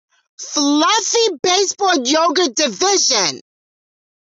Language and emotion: English, disgusted